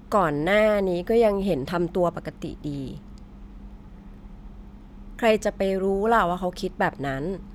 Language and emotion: Thai, frustrated